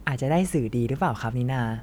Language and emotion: Thai, happy